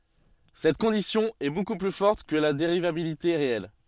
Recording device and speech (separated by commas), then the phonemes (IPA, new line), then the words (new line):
soft in-ear microphone, read sentence
sɛt kɔ̃disjɔ̃ ɛ boku ply fɔʁt kə la deʁivabilite ʁeɛl
Cette condition est beaucoup plus forte que la dérivabilité réelle.